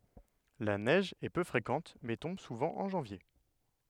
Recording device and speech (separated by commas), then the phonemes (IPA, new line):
headset microphone, read sentence
la nɛʒ ɛ pø fʁekɑ̃t mɛ tɔ̃b suvɑ̃ ɑ̃ ʒɑ̃vje